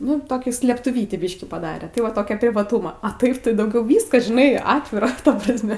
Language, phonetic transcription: Lithuanian, ˈnu toˈkių slėptuˈvytį ˈbyški paˈdare tai ˈva ˈtokia privaˈtūma a ˈtaip tai dauˈgiau ˈvyskas žiˈnai ˈatvira ta prasˈme

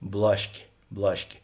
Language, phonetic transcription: Lithuanian, ˈblaškė ˈblaškė

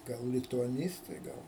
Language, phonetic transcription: Lithuanian, ˈgal lituaˈnystai ˈgal

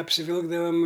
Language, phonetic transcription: Lithuanian, apsiˈvilkdavam

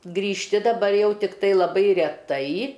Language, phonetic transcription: Lithuanian, grįžˈti daˈbar ˈjau ˈtiktai laˈbai reˈtai

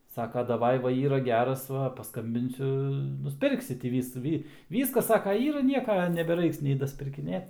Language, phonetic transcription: Lithuanian, ˈsaka daˈvai ˈva ˈyra ˈgeras ˈva pasˈkambinsiu nusˈpirksi tį ˈvysu ˈvy ˈvyskas ˈsaka ˈyra ˈnieka nebeˈraiks nei daspirkiˈnėt

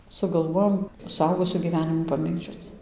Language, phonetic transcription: Lithuanian, sugalˈvojom suˈaugusių gyˈvenimų paˈmėgdžioc

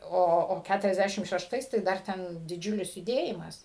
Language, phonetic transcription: Lithuanian, ˈo o ˌkæturasˈdæšim šešˈtais tai ˈdar ˈten diˈdžiulis juˈdėjimas

